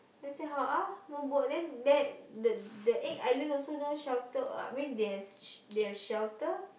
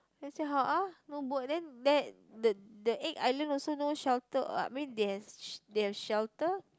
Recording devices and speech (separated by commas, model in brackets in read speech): boundary microphone, close-talking microphone, conversation in the same room